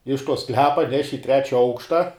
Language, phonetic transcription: Lithuanian, iš to ˈsklepa ˈneši i ˈtrečia ˈaukšta

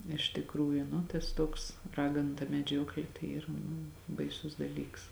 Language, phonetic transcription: Lithuanian, iš tikˈrųju nu tas ˈtuoks ˈraganu ta meˈdžiuoklė tai ˈyra nu baiˈsus daˈlyks

